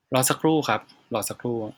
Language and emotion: Thai, neutral